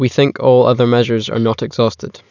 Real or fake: real